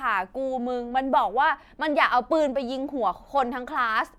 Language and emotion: Thai, frustrated